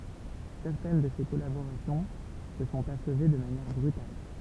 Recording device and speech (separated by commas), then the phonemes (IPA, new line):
temple vibration pickup, read sentence
sɛʁtɛn də se kɔlaboʁasjɔ̃ sə sɔ̃t aʃve də manjɛʁ bʁytal